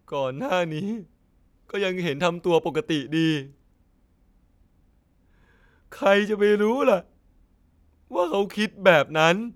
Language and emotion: Thai, sad